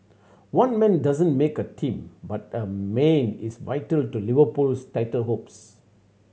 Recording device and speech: mobile phone (Samsung C7100), read sentence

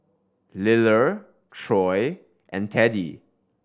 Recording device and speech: standing microphone (AKG C214), read sentence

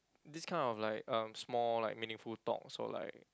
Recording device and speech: close-talking microphone, conversation in the same room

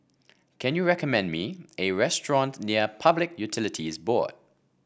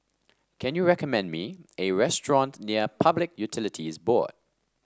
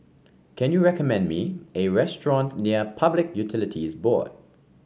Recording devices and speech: boundary microphone (BM630), standing microphone (AKG C214), mobile phone (Samsung C5), read sentence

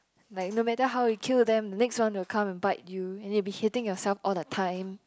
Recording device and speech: close-talking microphone, conversation in the same room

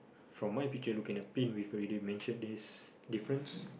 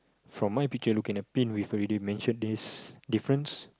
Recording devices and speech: boundary microphone, close-talking microphone, conversation in the same room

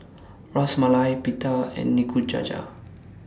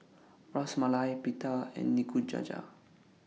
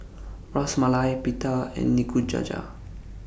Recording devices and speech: standing microphone (AKG C214), mobile phone (iPhone 6), boundary microphone (BM630), read sentence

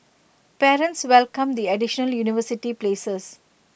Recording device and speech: boundary microphone (BM630), read sentence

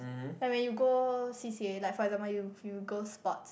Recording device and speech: boundary microphone, conversation in the same room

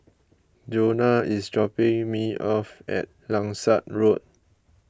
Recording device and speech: close-talking microphone (WH20), read sentence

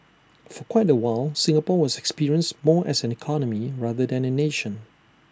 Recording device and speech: standing microphone (AKG C214), read sentence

